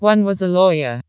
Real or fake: fake